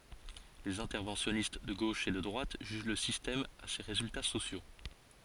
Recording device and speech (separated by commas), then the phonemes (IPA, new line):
forehead accelerometer, read sentence
lez ɛ̃tɛʁvɑ̃sjɔnist də ɡoʃ e də dʁwat ʒyʒ lə sistɛm a se ʁezylta sosjo